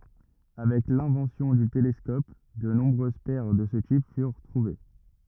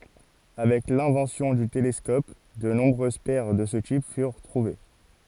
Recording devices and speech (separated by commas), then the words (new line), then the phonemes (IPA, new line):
rigid in-ear microphone, forehead accelerometer, read sentence
Avec l'invention du télescope, de nombreuses paires de ce type furent trouvées.
avɛk lɛ̃vɑ̃sjɔ̃ dy telɛskɔp də nɔ̃bʁøz pɛʁ də sə tip fyʁ tʁuve